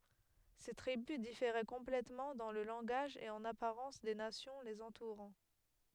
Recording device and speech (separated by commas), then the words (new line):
headset microphone, read sentence
Ces tribus différaient complètement dans le langage et en apparence des nations les entourant.